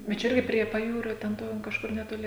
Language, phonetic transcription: Lithuanian, bet ˈčia ˈirgi prie paˈjūrio ten ˈto kažˈkur netoˈli

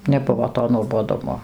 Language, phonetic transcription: Lithuanian, neˈbuvo to nuoboˈdumo

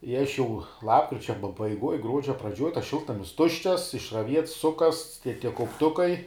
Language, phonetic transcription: Lithuanian, i aš ˈjau ˈlapkričia pabaiˈguoj ˈgruodžia ˈpradžioj tas ˈšiltnamis ˈtuščias išraˈviets ˈsukasts tie tie kaupˈtukai

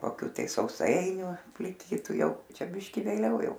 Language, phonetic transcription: Lithuanian, koˈkių tai sauˈsainių pliˈkytu ˈjau ˈčia ˈbiški vėˈliau ˈjau

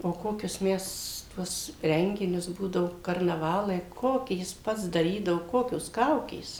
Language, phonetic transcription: Lithuanian, o ˈkokius ˈmes ˈtuos ˈrenginius ˈbūdavo karnaˈvalai ˈkokį ˈjis ˈpats daˈrydavo ˈkokios ˈkaukės

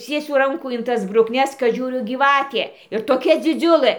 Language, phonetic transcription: Lithuanian, ˈciesiu ˈrankų in ˈtas brukˈnes kad ˈžiūriu gyˈvatė ir toˈkia dziˈdziulɘ

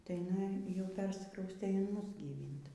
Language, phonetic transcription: Lithuanian, tai jiˈnai jau ˈpersikraustė in ˈmus gyˈvynt

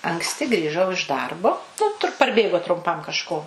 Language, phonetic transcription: Lithuanian, anksˈti grįˈžau iš ˈdarbo ˈnu tur parˈbėgo trumˈpam kažˈko

